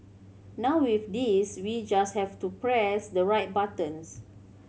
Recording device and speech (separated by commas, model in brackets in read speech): mobile phone (Samsung C7100), read sentence